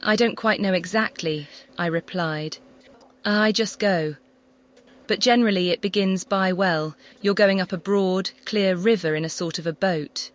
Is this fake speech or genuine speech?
fake